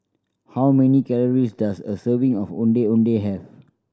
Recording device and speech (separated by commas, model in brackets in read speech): standing microphone (AKG C214), read sentence